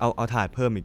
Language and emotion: Thai, neutral